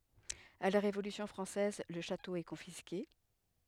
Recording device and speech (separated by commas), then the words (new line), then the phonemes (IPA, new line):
headset microphone, read sentence
À la Révolution française, le château est confisqué.
a la ʁevolysjɔ̃ fʁɑ̃sɛz lə ʃato ɛ kɔ̃fiske